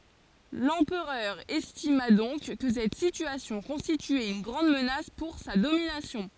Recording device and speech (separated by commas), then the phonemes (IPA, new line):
forehead accelerometer, read sentence
lɑ̃pʁœʁ ɛstima dɔ̃k kə sɛt sityasjɔ̃ kɔ̃stityɛt yn ɡʁɑ̃d mənas puʁ sa dominasjɔ̃